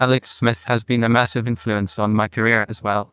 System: TTS, neural waveform model